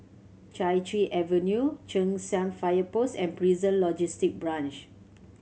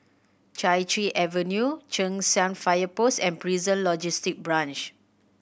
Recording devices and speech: mobile phone (Samsung C7100), boundary microphone (BM630), read sentence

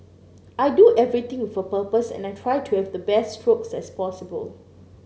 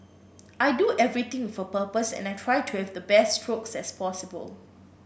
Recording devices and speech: mobile phone (Samsung C9), boundary microphone (BM630), read sentence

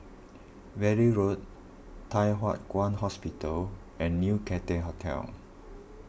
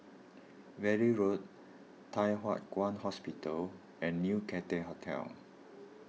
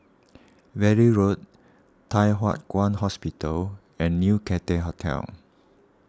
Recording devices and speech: boundary microphone (BM630), mobile phone (iPhone 6), standing microphone (AKG C214), read sentence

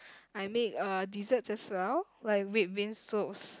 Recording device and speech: close-talking microphone, conversation in the same room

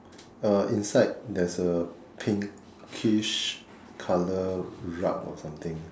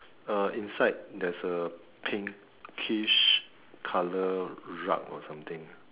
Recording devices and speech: standing microphone, telephone, conversation in separate rooms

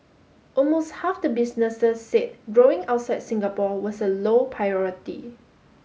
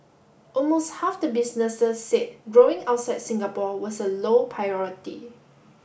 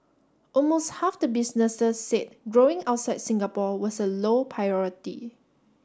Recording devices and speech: mobile phone (Samsung S8), boundary microphone (BM630), standing microphone (AKG C214), read sentence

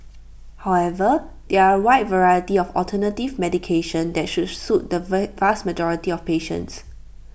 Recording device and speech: boundary microphone (BM630), read sentence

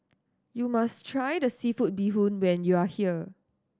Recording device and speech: standing microphone (AKG C214), read sentence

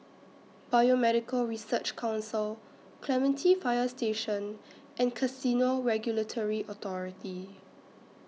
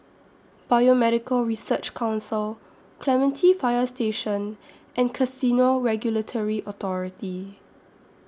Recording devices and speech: mobile phone (iPhone 6), standing microphone (AKG C214), read sentence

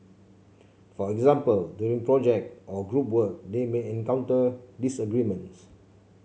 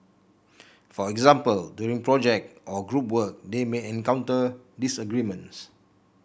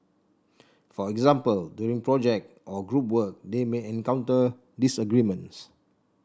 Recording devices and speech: mobile phone (Samsung C7), boundary microphone (BM630), standing microphone (AKG C214), read sentence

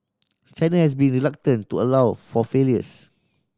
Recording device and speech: standing microphone (AKG C214), read sentence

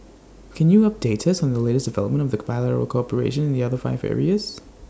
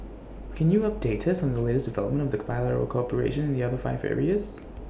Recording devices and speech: standing microphone (AKG C214), boundary microphone (BM630), read sentence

